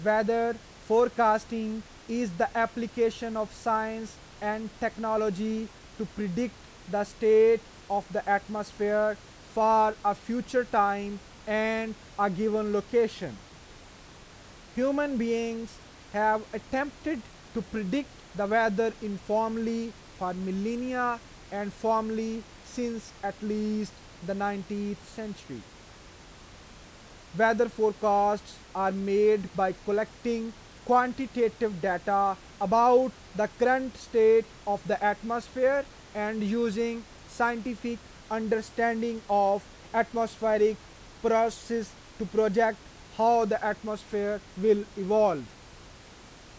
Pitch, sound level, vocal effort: 220 Hz, 94 dB SPL, loud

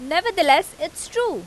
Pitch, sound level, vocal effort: 350 Hz, 95 dB SPL, very loud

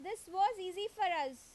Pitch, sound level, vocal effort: 385 Hz, 94 dB SPL, very loud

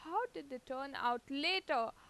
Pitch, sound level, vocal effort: 280 Hz, 89 dB SPL, loud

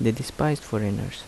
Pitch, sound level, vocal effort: 130 Hz, 75 dB SPL, soft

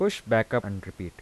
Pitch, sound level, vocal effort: 110 Hz, 85 dB SPL, soft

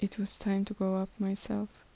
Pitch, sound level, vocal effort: 200 Hz, 72 dB SPL, soft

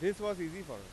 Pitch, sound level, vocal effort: 195 Hz, 96 dB SPL, loud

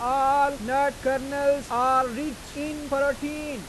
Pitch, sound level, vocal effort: 280 Hz, 100 dB SPL, very loud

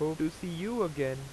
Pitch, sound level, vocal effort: 155 Hz, 90 dB SPL, loud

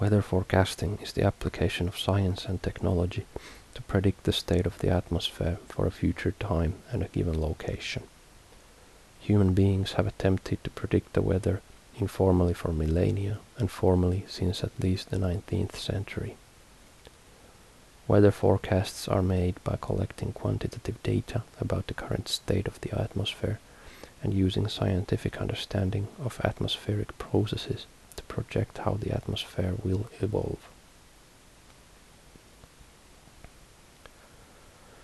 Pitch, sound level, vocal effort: 95 Hz, 70 dB SPL, soft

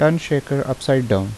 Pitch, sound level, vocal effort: 135 Hz, 80 dB SPL, normal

